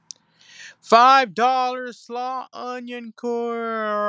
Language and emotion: English, angry